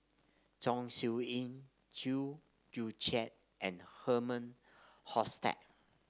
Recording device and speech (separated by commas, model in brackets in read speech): standing microphone (AKG C214), read sentence